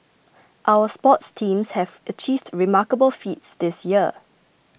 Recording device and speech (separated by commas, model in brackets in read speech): boundary microphone (BM630), read sentence